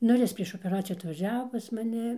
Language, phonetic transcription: Lithuanian, ˈnu ir ˈjis prieš opeˈracijų atvaˈžiavo pas maˈni

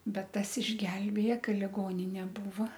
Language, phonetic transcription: Lithuanian, ˈbet ˈtas išˈgelbėja ˈka liˈgoninė ˈbūva

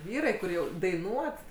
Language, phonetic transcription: Lithuanian, ˈvyrai kur ˈjau daiˈnuot

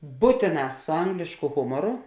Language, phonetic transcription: Lithuanian, ˈbūtėˌna su ˈanglėšku ˈhumoru

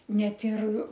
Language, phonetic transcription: Lithuanian, ˈnet ir

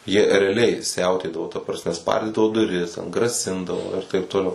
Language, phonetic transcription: Lithuanian, jie reaˈliai ˈsiautėdavo ta prasˈme ˈspardydavo duˈris ten graˈsindavo ir taip toˈliau

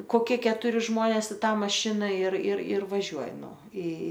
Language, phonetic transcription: Lithuanian, koˈkie ketuˈri ˈžmonės i ˈtą maˈšina ir ir ir vaˈžiuoji ˈnu i

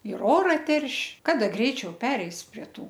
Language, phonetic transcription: Lithuanian, ir ˈora ˈterš' ˈkada ˈgreičiau ˈpereis prie ˈtų

